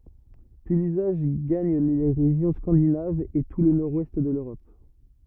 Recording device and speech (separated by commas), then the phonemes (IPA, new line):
rigid in-ear microphone, read sentence
pyi lyzaʒ ɡaɲ le ʁeʒjɔ̃ skɑ̃dinavz e tu lə nɔʁdwɛst də løʁɔp